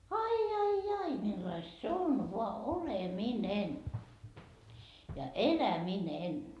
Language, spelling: Finnish, ai ai ai millaista se on vain oleminen ja eläminen
- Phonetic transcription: 'ai 'ai "ai 'millaist se on voa "oleminen ja "eläminen .

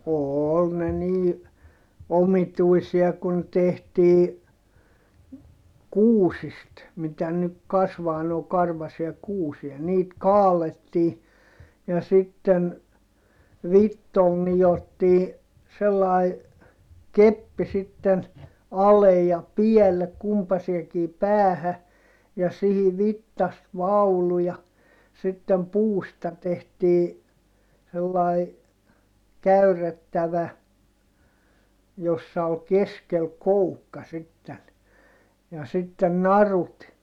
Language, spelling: Finnish, oli ne niin omituisia kun tehtiin kuusista mitä nyt kasvaa noin karvaisia kuusia niitä kaadettiin ja sitten vitsoilla nidottiin sellainen keppi sitten ale ja päälle kumpaiseenkin päähän ja siihen vitsasta vaulu ja sitten puusta tehtiin sellainen käyrrettävä jossa oli keskellä koukka sitten ja sitten narut
- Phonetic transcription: ool ne nii , omituisia kun tehtii , kuusist , mitä nyk kasvaa noo karvasia kuusia - niit kaalettii , ja sitten , vittol nijottii , sellài , keppi sitten , alej ja piɛllek kumpaseekii päähä , ja sihi vittast vaulu ja , sittem puusta tehtii , sellai , käyr̆rettävä , jossa ol keskel koukka sitten , ja sitten narut .

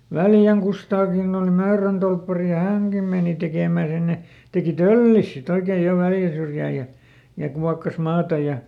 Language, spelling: Finnish, Väljän Kustaakin oli Möörön torppari ja hänkin meni tekemään sinne teki töllinsä sitten oikein jo Väljän syrjään ja ja kuokkasi maata ja
- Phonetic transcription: "Väljäŋ Kustaakin ‿ol ˈMöörön tolppari ja "häŋkim ˈmèni tekèmä̀ sinne , ˈtekì "töllis siˈt ‿oikeej̆ jo ˈVäljä syrjää ja , ja ˈkuakkas ˈmaata ja ,.

